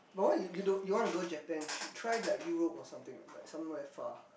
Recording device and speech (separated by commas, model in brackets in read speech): boundary microphone, conversation in the same room